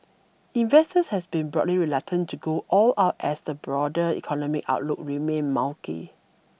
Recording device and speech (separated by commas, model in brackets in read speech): boundary microphone (BM630), read sentence